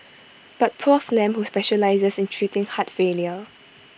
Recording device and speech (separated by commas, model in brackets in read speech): boundary microphone (BM630), read sentence